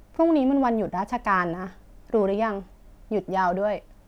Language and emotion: Thai, frustrated